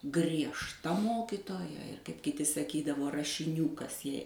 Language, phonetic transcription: Lithuanian, griežˈta ˈmokitoja ir kaip kiˈti saˈkydavo rašiˈnių ˈkas jei

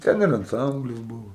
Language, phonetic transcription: Lithuanian, ˈten ir anˈcamblis ˈbuvo

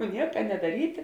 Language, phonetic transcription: Lithuanian, ˈnieka nedaˈryti

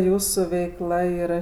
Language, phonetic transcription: Lithuanian, ˈjūsų veikˈla yˈra

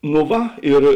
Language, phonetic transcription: Lithuanian, no ˈva ir

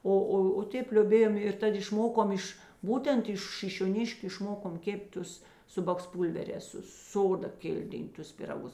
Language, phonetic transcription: Lithuanian, ˈo ˈo o ˈtėp lioˈbėjom ir ˈtad išˈmokom ˈiš ˈbūtent iš šišioˈniškiu išˈmokomˈ kėp't' ˈtus ˈsu baksˈpūlverēs su ˈsoda ˈkildintus piraˈgus

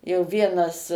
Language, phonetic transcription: Lithuanian, jau ˈvienas

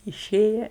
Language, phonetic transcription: Lithuanian, iˈšėja

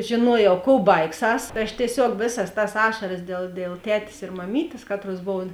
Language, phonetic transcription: Lithuanian, žėˈnuojau kou ˈbaigˌsas tai ˈaš tieˈsiog ˈvėˌsas tas ˈašaras dėl dėl ˈtetės ir maˈmytės ˈkatˌruos ˈbov

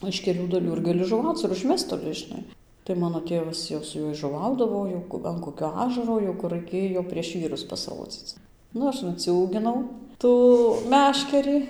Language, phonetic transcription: Lithuanian, iš keˈlių daˈlių ir gaˈli žuˈvauc ir užˈmest toˈli žiˈnai tai ˈmano ˈtėvas jau su ˈjuoj žuˈvaudavo jau an koˈkio ˈažaro jau ˈkur raiˈkėjo prieš ˈvyrus pasˈrodzyc ˈnu ˈaš nuciūginau ˈtų ˈmeškerį

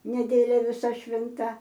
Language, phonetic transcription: Lithuanian, neˈdėlia viˈsa švinˈta

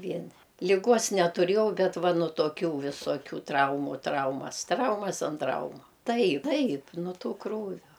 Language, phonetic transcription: Lithuanian, ˈvieni liˈgos netuˈrėjau ˈbet ˈva nu toˈkiu visoˈkių ˈtraumu ˈtraumas ˈtraumas an ˈtraumu ˈtai ˈtaip nu ˈtų ˈkrūvio

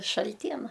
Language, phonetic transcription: Lithuanian, šalˈtiena

